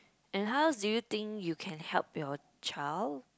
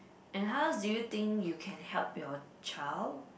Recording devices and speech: close-talking microphone, boundary microphone, conversation in the same room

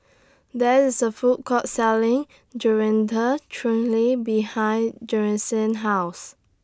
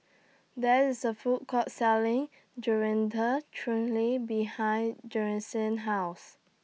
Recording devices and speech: standing microphone (AKG C214), mobile phone (iPhone 6), read sentence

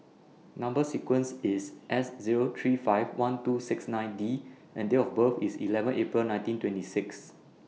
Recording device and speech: mobile phone (iPhone 6), read sentence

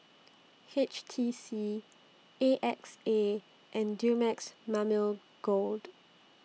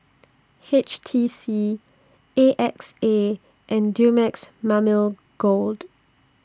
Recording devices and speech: mobile phone (iPhone 6), standing microphone (AKG C214), read sentence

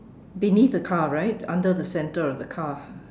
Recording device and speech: standing microphone, conversation in separate rooms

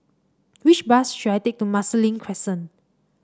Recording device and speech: standing microphone (AKG C214), read sentence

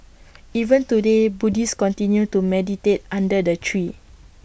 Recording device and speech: boundary microphone (BM630), read sentence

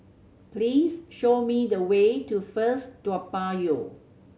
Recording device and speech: mobile phone (Samsung C7100), read sentence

